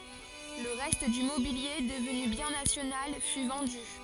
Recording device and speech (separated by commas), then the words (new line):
forehead accelerometer, read sentence
Le reste du mobilier, devenu bien national, fut vendu.